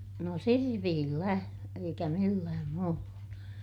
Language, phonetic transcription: Finnish, no sirpiillä , eikä millääm muulla .
- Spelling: no sirpillä eikä millään muulla

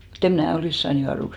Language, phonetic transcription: Finnish, mu't ‿eᵐ 'mnä̀ 'olìs saan 'juaruks .
- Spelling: mutta en minä olisi saanut juoduksi

